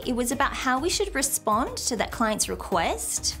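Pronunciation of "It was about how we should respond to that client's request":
The voice rises at the end of 'It was about how we should respond to that client's request', even though it is a statement and not a question. The rise is a bit exaggerated.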